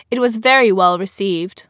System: none